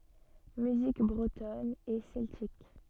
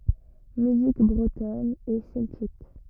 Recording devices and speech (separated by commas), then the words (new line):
soft in-ear microphone, rigid in-ear microphone, read sentence
Musique bretonne et celtique.